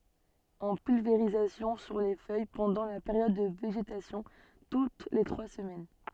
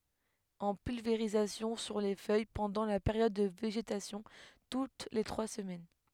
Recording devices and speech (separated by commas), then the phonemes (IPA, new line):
soft in-ear microphone, headset microphone, read sentence
ɑ̃ pylveʁizasjɔ̃ syʁ le fœj pɑ̃dɑ̃ la peʁjɔd də veʒetasjɔ̃ tut le tʁwa səmɛn